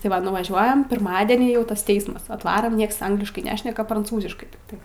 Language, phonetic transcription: Lithuanian, tai ˈva nuvaˈžiuojam pirˈmadenį jau ˈtas ˈteismas atˈvaram ˈnieks ˈangliškai ˈnešneka pranˈcūziškai tikˈtai

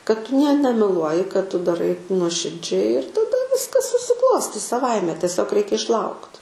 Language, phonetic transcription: Lithuanian, kad ˈtu nie nemeˈluoji kad ˈtu daˈrai nuoširˈdžiai ir taˈda ˈviskas susiˈklostys saˈvaime teˈsiog ˈreikia išˈlaukt

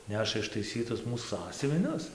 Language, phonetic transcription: Lithuanian, ˈneša ištaiˈsytus ˈmūs ˈsąsiuvinius

